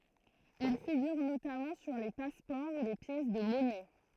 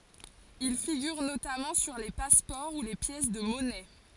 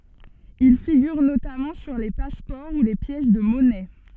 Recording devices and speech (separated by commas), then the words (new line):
throat microphone, forehead accelerometer, soft in-ear microphone, read sentence
Il figure notamment sur les passeports ou les pièces de monnaie.